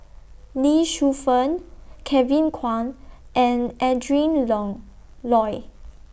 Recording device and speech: boundary microphone (BM630), read sentence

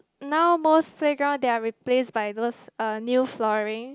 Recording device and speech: close-talking microphone, conversation in the same room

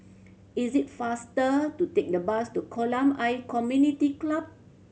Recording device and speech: mobile phone (Samsung C7100), read sentence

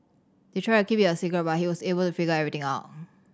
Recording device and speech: standing microphone (AKG C214), read sentence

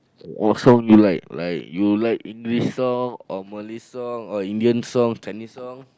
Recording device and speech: close-talking microphone, conversation in the same room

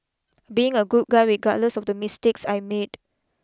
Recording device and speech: close-talking microphone (WH20), read sentence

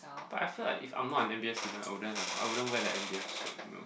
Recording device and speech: boundary microphone, conversation in the same room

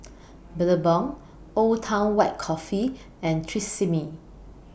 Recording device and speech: boundary microphone (BM630), read sentence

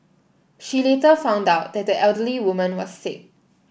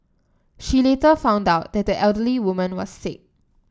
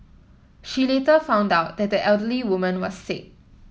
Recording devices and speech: boundary microphone (BM630), standing microphone (AKG C214), mobile phone (iPhone 7), read sentence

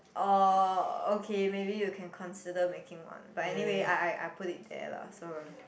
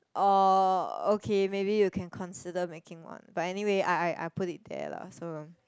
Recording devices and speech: boundary microphone, close-talking microphone, conversation in the same room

